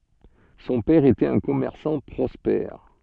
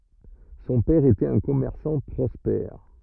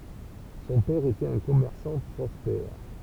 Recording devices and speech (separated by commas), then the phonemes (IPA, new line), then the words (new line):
soft in-ear microphone, rigid in-ear microphone, temple vibration pickup, read sentence
sɔ̃ pɛʁ etɛt œ̃ kɔmɛʁsɑ̃ pʁɔspɛʁ
Son père était un commerçant prospère.